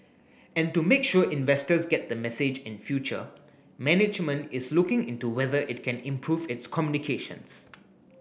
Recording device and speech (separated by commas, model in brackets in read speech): boundary microphone (BM630), read sentence